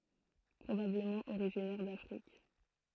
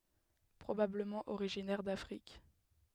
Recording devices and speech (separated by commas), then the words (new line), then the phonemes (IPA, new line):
throat microphone, headset microphone, read sentence
Probablement originaire d'Afrique.
pʁobabləmɑ̃ oʁiʒinɛʁ dafʁik